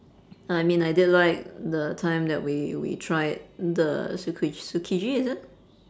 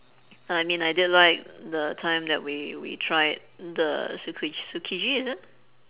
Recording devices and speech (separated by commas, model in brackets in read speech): standing microphone, telephone, conversation in separate rooms